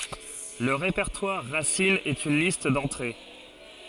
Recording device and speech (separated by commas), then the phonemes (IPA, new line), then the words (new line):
forehead accelerometer, read sentence
lə ʁepɛʁtwaʁ ʁasin ɛt yn list dɑ̃tʁe
Le répertoire racine est une liste d'entrées.